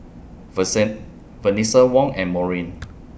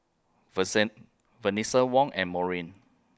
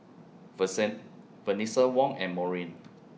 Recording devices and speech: boundary microphone (BM630), close-talking microphone (WH20), mobile phone (iPhone 6), read sentence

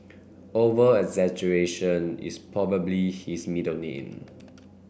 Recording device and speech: boundary microphone (BM630), read sentence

